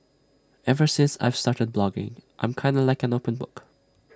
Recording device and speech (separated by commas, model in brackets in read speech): standing microphone (AKG C214), read sentence